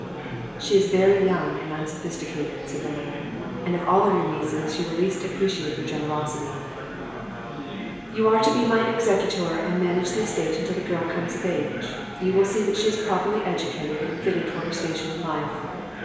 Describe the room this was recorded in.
A big, very reverberant room.